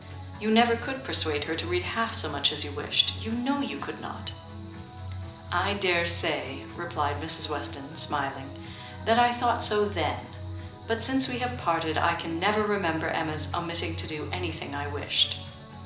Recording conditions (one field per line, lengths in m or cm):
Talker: one person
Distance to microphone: 2.0 m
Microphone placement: close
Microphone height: 99 cm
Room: medium-sized (5.7 m by 4.0 m)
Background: music